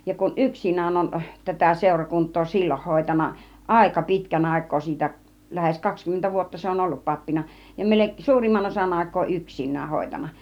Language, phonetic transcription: Finnish, ja kun "ˀyksin̆nään on , 'tätä sèurakunt̆too "sil͕l͕oh 'hòitan̆na , "ài̬ka 'pitkän "àik̆koo siitä , lähes 'kakskymmentä 'vuotta se 'on "ollup 'pappina ja 'melek- , 'suurimman osan 'àik̆koo "yksin̆nääh 'hòitan̆na .
- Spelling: ja kun yksinään on tätä seurakuntaa silloin hoitanut aika pitkän aikaa siitä lähes kaksikymmentä vuotta se on ollut pappina ja - suurimman osan aikaa yksinään hoitanut

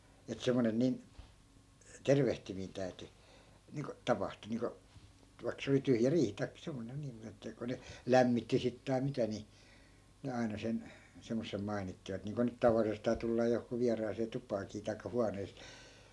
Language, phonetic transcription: Finnish, et 'semmonen 'nin , "tervehtimiin täy̬ty , niiŋko , 'tapahtu niiŋko , 'vai̮k se oli 'tyhjä 'riihi taikkᵃ 'semmonen 'niim mut ‿että ko ne , "lämmitti 'sit tai̮ 'mitä ni , ne 'ai̮na sen , semmossem 'mai̮nittivat niiŋko nyt 'tavallisestaa 'tullaa johkuu 'viaraasee "tupaakii tai̮kka 'huanee .
- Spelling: että semmoinen niin tervehtiminen täytyi niin kuin tapahtua niin kuin vaikka se oli tyhjä riihi tai semmoinen niin mutta että kun ne lämmitti sitten tai mitä niin ne aina sen semmoisen mainitsivat niin kuin nyt tavallisestaan tullaan johonkin vieraaseen tupaankin tai huoneeseen

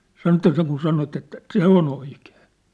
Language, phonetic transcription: Finnish, 'sano ĕttä » seŋkun sanot ‿että , "se ‿o'n ‿oikᴇᴇ . «
- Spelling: sanoi että sen kuin sanot että se on oikein

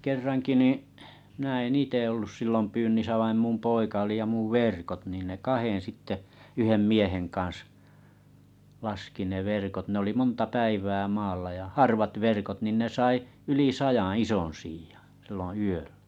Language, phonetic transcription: Finnish, kerraŋki 'niiḭ’ , mⁱnä en 'ite ollus sillom 'pyynnisä vaim 'mum 'poika oli ja 'muv "vèrkot niin ne 'kahen̬ sitte , 'yhem "mieheŋ kaa̰s , 'laski ne 'verkot ne oli 'monta 'päiv̀ää 'maalla ja "harvat 'verkot nin ne 'sai , 'yli "sajaa̰ "ison̬ siijᴀ , silloo̰ 'yöʟᴀ̈ .
- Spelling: kerrankin niin minä en itse ollut silloin pyynnissä vaan minun poika oli ja minun verkot niin ne kahden sitten yhden miehen kanssa laski ne verkot ne oli monta päivää maalla ja harvat verkot niin ne sai yli sadan ison siian silloin yöllä

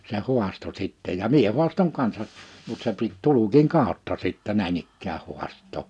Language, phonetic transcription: Finnish, se 'hu̬asto sitte ja 'mie 'hu̬astoŋ 'kansa , mut se pit 'tulukiŋ 'kàotta sìttɛ 'näin ‿ikkää 'huast̆too .
- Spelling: se haastoi sitten ja minä haastoin kanssa mutta se piti tulkin kautta sitten näin ikään haastaa

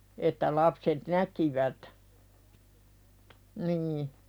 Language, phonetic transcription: Finnish, että lapset "näkivät , nii .
- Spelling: että lapset näkivät niin

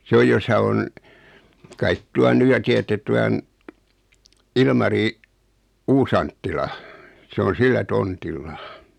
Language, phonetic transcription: Finnish, 's ‿oj josa on , kait 'tuan "nu ja tiättet 'tuan , 'Ilmari , "Uusanttila , 'se on "sillä 'tontilla .
- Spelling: se on jossa on kai tuon nyt ja tiedätte tuon Ilmari Uusi-Anttilan se on sillä tontilla

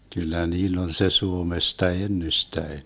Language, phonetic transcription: Finnish, 'kyllä 'niill ‿on se 'Suomesta 'ennystäen .
- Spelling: kyllä niillä on se Suomesta ennestään

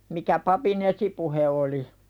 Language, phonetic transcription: Finnish, mikä 'papi"n ‿esipuhe oli .
- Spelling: mikä papin esipuhe oli

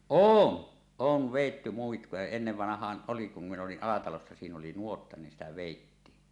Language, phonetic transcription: Finnish, oon , "oov vèitty 'muikkuja 'ennevvanah̆haan 'ˀoli kum min ‿oli’ '’Alatalossa siin ‿oli "nuotta nin sitä 'vèittiin .
- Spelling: on on vedetty muikkuja ennen vanhaan oli kun minä olin Alatalossa siinä oli nuotta niin sitä vedettiin

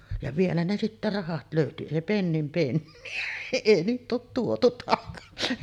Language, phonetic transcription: Finnish, ja 'vielä ne sittä "rahat 'lö̀yty , 'èi "pennim penni₍ä , 'èi 'niiᵗ ‿oot tuotu takasi .
- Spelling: ja vielä ne sitten rahat löytyi ei pennin penniä ei niin ole tuotu takaisin

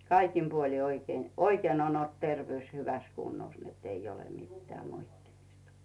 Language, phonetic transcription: Finnish, kaikim puoli 'oikee , "oikeen ‿on ‿olt 'tervᵉỳs "hyväs 'kunnos nett ‿ei ole 'mittᵉä̀ moittimistᴀ .
- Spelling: kaikin puolin oikein oikein on ollut terveys hyvässä kunnossa että ei ole mitään moittimista

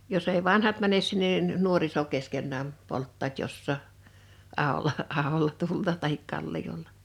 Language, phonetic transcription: Finnish, 'jos̀ ‿ei "vanhat mänes sinnen (nin) , "nuoriso 'keskennääm , 'polttaat 'jossaa , 'ahola , 'ahola tulta tahik 'kallijolla .
- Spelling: jos ei vanhat mene sinne niin nuoriso keskenään polttavat jossakin aholla aholla tulta tai kalliolla

